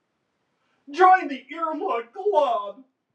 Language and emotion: English, sad